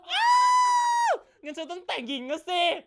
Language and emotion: Thai, happy